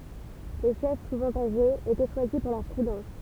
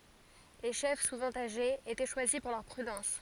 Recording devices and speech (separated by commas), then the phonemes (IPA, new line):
temple vibration pickup, forehead accelerometer, read sentence
le ʃɛf suvɑ̃ aʒez etɛ ʃwazi puʁ lœʁ pʁydɑ̃s